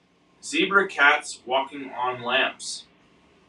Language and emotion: English, neutral